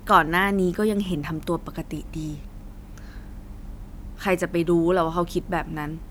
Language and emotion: Thai, frustrated